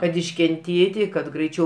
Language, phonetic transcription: Lithuanian, kad iškenˈtėti kad graiˈčiau

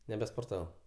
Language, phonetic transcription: Lithuanian, nebesporˈtavau

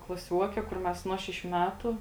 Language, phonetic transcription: Lithuanian, klaˈsiuoke kur ˈmes ˈnuo šeˌšių ˈmetu

